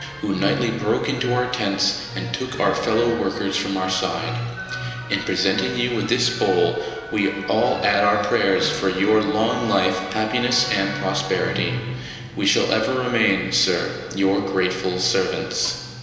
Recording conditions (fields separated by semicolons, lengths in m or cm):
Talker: one person; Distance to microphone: 1.7 m; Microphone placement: close; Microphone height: 1.0 m; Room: very reverberant, large; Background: music